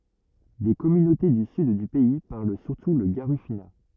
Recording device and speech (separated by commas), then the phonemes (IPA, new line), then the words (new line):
rigid in-ear microphone, read sentence
de kɔmynote dy syd dy pɛi paʁl syʁtu lə ɡaʁifyna
Des communautés du sud du pays parlent surtout le garifuna.